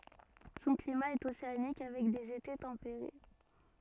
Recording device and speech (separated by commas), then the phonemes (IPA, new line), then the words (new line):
soft in-ear microphone, read sentence
sɔ̃ klima ɛt oseanik avɛk dez ete tɑ̃peʁe
Son climat est océanique avec des étés tempérés.